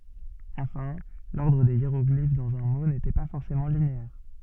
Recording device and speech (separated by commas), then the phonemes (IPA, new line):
soft in-ear microphone, read sentence
ɑ̃fɛ̃ lɔʁdʁ de jeʁɔɡlif dɑ̃z œ̃ mo netɛ pa fɔʁsemɑ̃ lineɛʁ